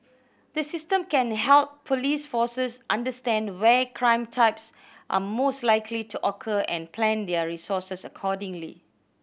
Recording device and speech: boundary microphone (BM630), read sentence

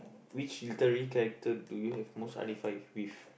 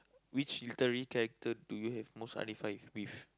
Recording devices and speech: boundary microphone, close-talking microphone, conversation in the same room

